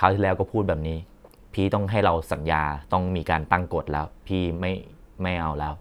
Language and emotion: Thai, frustrated